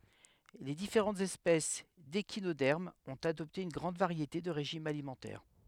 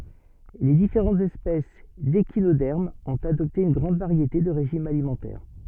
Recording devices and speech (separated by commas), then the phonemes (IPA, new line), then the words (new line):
headset microphone, soft in-ear microphone, read sentence
le difeʁɑ̃tz ɛspɛs deʃinodɛʁmz ɔ̃t adɔpte yn ɡʁɑ̃d vaʁjete də ʁeʒimz alimɑ̃tɛʁ
Les différentes espèces d'échinodermes ont adopté une grande variété de régimes alimentaires.